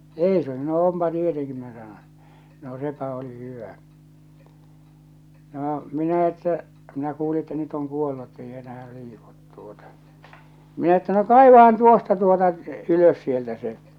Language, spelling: Finnish, eikö sanoi onpa tietenkin minä sanon no sepä oli hyvä no minä että minä kuulin että nyt on kuollut että ei enää liiku tuota minä että no kaivahan tuosta tuota ylös sieltä se
- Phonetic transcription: » "eikö « sano » "ompa tieteŋki « minä sanon̬ , » no 'sepa̳ oli 'hyvä « , 'noo , 'minä että , minä kuuli että 'nyt oŋ 'kuollu ettei 'enähä 'liikut tuota , 'minä että » no "kàivahan tuosta tuota , "ylös sieltä se « .

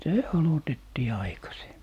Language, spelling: Finnish, se aloitettiin aikaiseen
- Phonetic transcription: "se 'alotettii 'aikasi̮e .

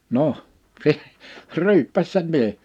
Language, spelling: Finnish, no se ryyppäsi se mies
- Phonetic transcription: 'noh , se , 'ryyppäs sem̳ 'mie[s] .

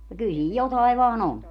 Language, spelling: Finnish, no kyllä siinä jotakin vain on
- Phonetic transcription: no 'kyl siij 'jotaiv vaa"n ‿on .

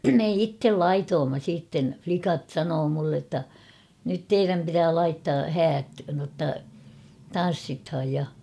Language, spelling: Finnish, me itse laitoimme sitten likat sanoi minulle jotta nyt teidän pitää laittaa häät jotta tanssitaan ja
- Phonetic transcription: me "ittel "laitoomma siitten ; 'flikat 'sanoo mulle ‿tta , nyt "teiräm pitää 'laittaa "häät notta , "tan̬ssithaj ja .

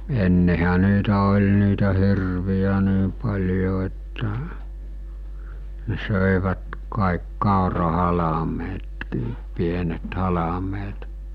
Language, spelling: Finnish, ennenhän niitä oli niitä hirviä niin paljon että ne söivät kaikki kaurahalmeetkin pienet halmeet
- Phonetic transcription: ennehä niitä oĺ niitä 'hirvi₍ä 'nii pal̜jo että , ne 'sö̀evät kàik 'kàora'halametkiip 'pienet 'halameet .

